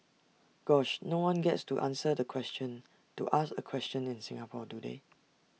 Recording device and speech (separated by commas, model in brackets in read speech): mobile phone (iPhone 6), read sentence